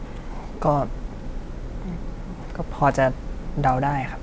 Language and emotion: Thai, sad